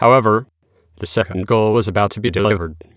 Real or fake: fake